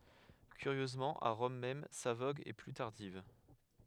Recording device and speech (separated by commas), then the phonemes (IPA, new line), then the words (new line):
headset microphone, read sentence
kyʁjøzmɑ̃ a ʁɔm mɛm sa voɡ ɛ ply taʁdiv
Curieusement à Rome même, sa vogue est plus tardive.